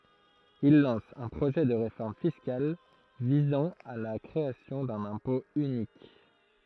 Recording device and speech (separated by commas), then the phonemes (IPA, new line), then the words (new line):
throat microphone, read sentence
il lɑ̃s œ̃ pʁoʒɛ də ʁefɔʁm fiskal vizɑ̃ a la kʁeasjɔ̃ dœ̃n ɛ̃pɔ̃ ynik
Il lance un projet de réforme fiscale visant à la création d’un impôt unique.